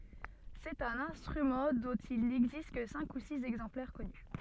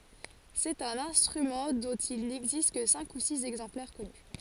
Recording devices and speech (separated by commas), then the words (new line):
soft in-ear microphone, forehead accelerometer, read sentence
C'est un instrument dont il n'existe que cinq ou six exemplaires connus.